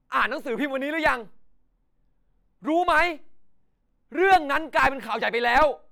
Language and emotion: Thai, angry